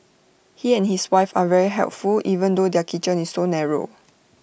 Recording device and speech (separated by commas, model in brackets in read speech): boundary microphone (BM630), read sentence